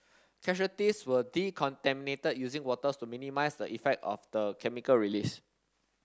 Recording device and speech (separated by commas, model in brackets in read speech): standing microphone (AKG C214), read sentence